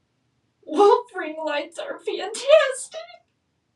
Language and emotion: English, sad